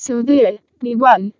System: VC, vocoder